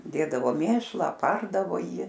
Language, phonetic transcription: Lithuanian, ˈdėdavo ˈmėšlą aˈpardavo ˈjį

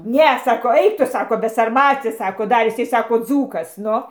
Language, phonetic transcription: Lithuanian, ˈne saˈkau ˈaik ˈtu ˈsako besarˈmaci ˈsako ˈdar iˈsai ˈsako ˈdzūkas ˈnu

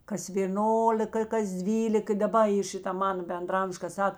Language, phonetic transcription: Lithuanian, kas vėˈnolika i kas ˈdvylik i daˈba i ˈšita ˈmana bendraˈamž ka ˈsak

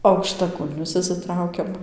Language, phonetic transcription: Lithuanian, aukštaˈkulnius išsiˈtraukiam

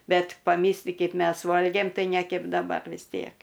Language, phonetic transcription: Lithuanian, ˈbet paˈmysli ˈkeip ˈmes ˈvolgėm ˈtai ne ˈkep daˈbar vis ˈtiek

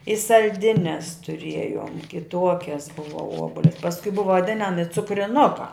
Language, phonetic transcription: Lithuanian, i salˈdines tuˈriejom kiˈtuokias ˈbuva ˈuobulia pasˈkui ˈbuva vaˈdinami cukriˈnukā

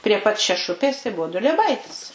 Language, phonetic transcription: Lithuanian, prie pat šeˈšupės tai ˈbuvu dulieˈbaitis

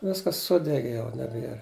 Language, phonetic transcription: Lithuanian, ˈviskas ˈsudegi jau neˈbier

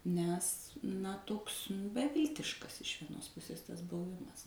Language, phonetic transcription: Lithuanian, nes na ˈtoks beˈviltiškas iš vieˈnos ˈpusės ˈtas buˈvimas

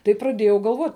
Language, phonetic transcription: Lithuanian, tai praˈdėjau galˈvot'

